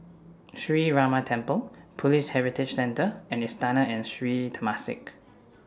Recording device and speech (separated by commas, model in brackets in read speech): standing microphone (AKG C214), read sentence